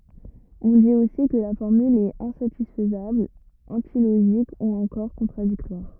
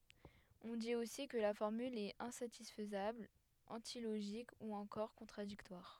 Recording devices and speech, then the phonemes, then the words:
rigid in-ear microphone, headset microphone, read sentence
ɔ̃ dit osi kə la fɔʁmyl ɛt ɛ̃satisfəzabl ɑ̃tiloʒik u ɑ̃kɔʁ kɔ̃tʁadiktwaʁ
On dit aussi que la formule est insatisfaisable, antilogique ou encore contradictoire.

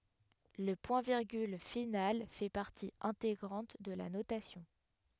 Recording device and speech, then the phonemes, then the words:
headset microphone, read sentence
lə pwɛ̃tviʁɡyl final fɛ paʁti ɛ̃teɡʁɑ̃t də la notasjɔ̃
Le point-virgule final fait partie intégrante de la notation.

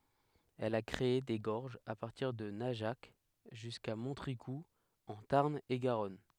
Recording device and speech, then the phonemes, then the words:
headset microphone, read sentence
ɛl a kʁee de ɡɔʁʒz a paʁtiʁ də naʒak ʒyska mɔ̃tʁikuz ɑ̃ taʁn e ɡaʁɔn
Elle a créé des gorges à partir de Najac, jusqu'à Montricoux en Tarn-et-Garonne.

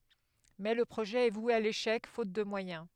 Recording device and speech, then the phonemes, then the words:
headset microphone, read sentence
mɛ lə pʁoʒɛ ɛ vwe a leʃɛk fot də mwajɛ̃
Mais le projet est voué à l'échec, faute de moyens.

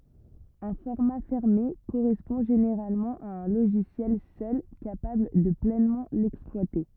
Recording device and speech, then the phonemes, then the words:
rigid in-ear microphone, read sentence
œ̃ fɔʁma fɛʁme koʁɛspɔ̃ ʒeneʁalmɑ̃ a œ̃ loʒisjɛl sœl kapabl də plɛnmɑ̃ lɛksplwate
Un format fermé correspond généralement à un logiciel seul capable de pleinement l'exploiter.

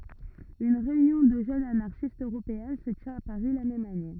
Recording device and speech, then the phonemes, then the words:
rigid in-ear microphone, read sentence
yn ʁeynjɔ̃ də ʒønz anaʁʃistz øʁopeɛ̃ sə tjɛ̃t a paʁi la mɛm ane
Une réunion de jeunes anarchistes Européen se tient à Paris la même année.

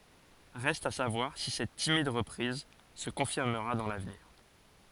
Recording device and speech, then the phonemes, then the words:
forehead accelerometer, read sentence
ʁɛst a savwaʁ si sɛt timid ʁəpʁiz sə kɔ̃fiʁməʁa dɑ̃ lavniʁ
Reste à savoir si cette timide reprise se confirmera dans l'avenir..

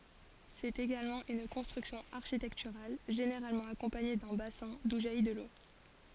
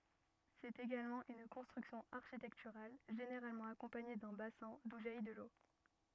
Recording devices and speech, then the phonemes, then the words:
forehead accelerometer, rigid in-ear microphone, read sentence
sɛt eɡalmɑ̃ yn kɔ̃stʁyksjɔ̃ aʁʃitɛktyʁal ʒeneʁalmɑ̃ akɔ̃paɲe dœ̃ basɛ̃ du ʒaji də lo
C'est également une construction architecturale, généralement accompagnée d'un bassin, d'où jaillit de l'eau.

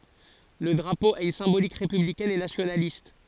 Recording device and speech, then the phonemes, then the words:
forehead accelerometer, read sentence
lə dʁapo a yn sɛ̃bolik ʁepyblikɛn e nasjonalist
Le drapeau a une symbolique républicaine et nationaliste.

